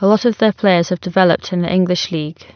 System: none